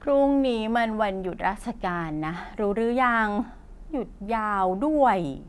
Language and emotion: Thai, frustrated